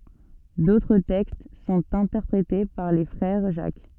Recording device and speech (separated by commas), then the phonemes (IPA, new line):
soft in-ear microphone, read sentence
dotʁ tɛkst sɔ̃t ɛ̃tɛʁpʁete paʁ le fʁɛʁ ʒak